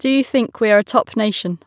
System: none